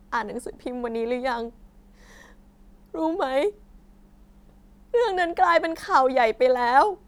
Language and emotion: Thai, sad